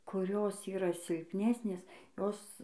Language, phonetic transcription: Lithuanian, kuˈrios ˈyra silpˈnesnės ˈjos

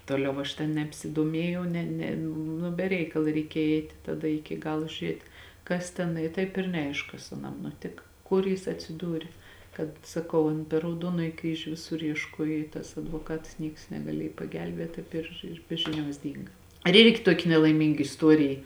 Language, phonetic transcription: Lithuanian, ˈtoˌliau aš ten nebsidoˈmiejau ˈne ne ˈnu be ˈreikala reiˈkėj ˈeiti taˈda ˈiki ˈgalo žiuˈriet' ˈkas ten i ˈtaip ir neˈaišk ˈkas aˈnam nuˈtika ˈkur jis atsiˈdūri ˈkad saˈkau an per rauˈduonoji ˈkryžiu ˈvisur iešˈkuoj i tas advoˈkats ˈnieks negaˈliej pagelˈbėt ˈtaip ir ir ˈbe žiˌniuos ˈdynga ir ˈirgi ˈtuoki nelaiˈmynga isˈtuoriji

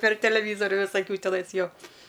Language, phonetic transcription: Lithuanian, per teleˈvyzoriu visaˈkių teˈnais ˈjo

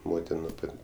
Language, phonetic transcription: Lithuanian, ˈmotin nu ˈpat'

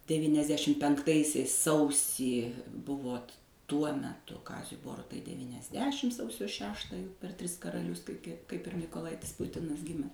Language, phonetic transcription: Lithuanian, devyniasˈdešim penkˈtaisiais ˈsausį ˈbuvot ˈtuo meˈtu ˈkaziui ˈborutai devyniasˈdešim ˈsausio ˈšeštą jau per ˈtris karaˈlius kai ˈkaip ir mykoˈlaitis ˈputinas ˈgimes

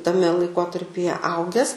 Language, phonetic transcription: Lithuanian, taˈme laiˈkotarpije ˈauges

